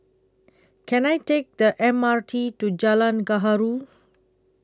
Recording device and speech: close-talking microphone (WH20), read sentence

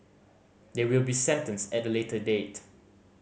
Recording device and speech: mobile phone (Samsung C5010), read sentence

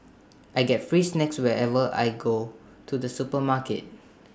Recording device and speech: standing microphone (AKG C214), read sentence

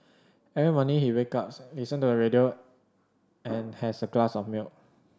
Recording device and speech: standing microphone (AKG C214), read sentence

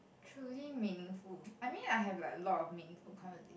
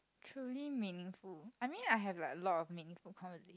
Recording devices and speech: boundary microphone, close-talking microphone, conversation in the same room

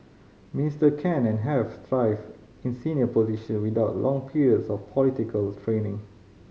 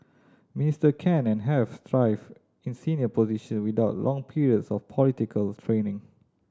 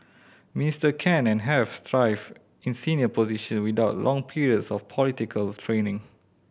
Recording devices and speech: mobile phone (Samsung C5010), standing microphone (AKG C214), boundary microphone (BM630), read sentence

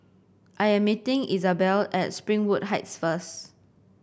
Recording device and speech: boundary microphone (BM630), read sentence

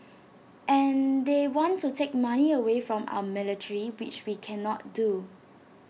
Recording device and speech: mobile phone (iPhone 6), read sentence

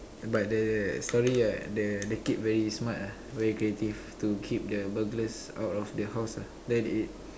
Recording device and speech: standing microphone, conversation in separate rooms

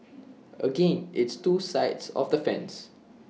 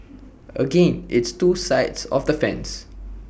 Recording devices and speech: mobile phone (iPhone 6), boundary microphone (BM630), read sentence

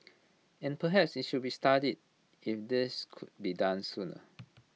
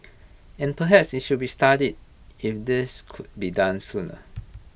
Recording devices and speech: mobile phone (iPhone 6), boundary microphone (BM630), read sentence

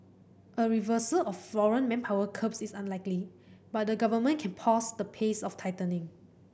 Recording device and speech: boundary microphone (BM630), read sentence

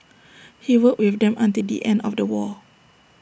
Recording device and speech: boundary microphone (BM630), read sentence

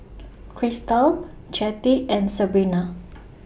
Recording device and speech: boundary microphone (BM630), read sentence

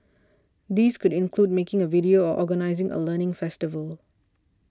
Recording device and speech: standing microphone (AKG C214), read sentence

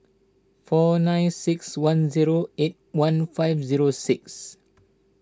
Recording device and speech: standing microphone (AKG C214), read sentence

